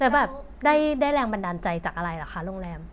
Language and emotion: Thai, happy